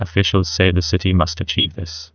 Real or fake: fake